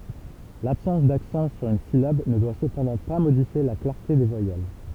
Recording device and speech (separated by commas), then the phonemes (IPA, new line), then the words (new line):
temple vibration pickup, read sentence
labsɑ̃s daksɑ̃ syʁ yn silab nə dwa səpɑ̃dɑ̃ pa modifje la klaʁte de vwajɛl
L'absence d'accent sur une syllabe ne doit cependant pas modifier la clarté des voyelles.